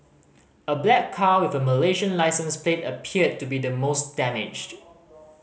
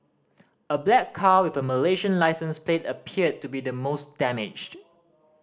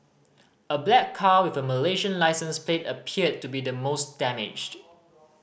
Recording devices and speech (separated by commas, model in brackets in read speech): mobile phone (Samsung C5010), standing microphone (AKG C214), boundary microphone (BM630), read sentence